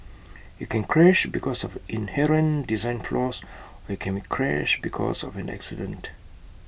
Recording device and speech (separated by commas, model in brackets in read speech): boundary microphone (BM630), read sentence